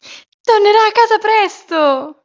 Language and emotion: Italian, happy